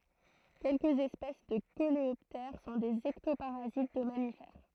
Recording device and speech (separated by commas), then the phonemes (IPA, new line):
throat microphone, read sentence
kɛlkəz ɛspɛs də koleɔptɛʁ sɔ̃ dez ɛktopaʁazit də mamifɛʁ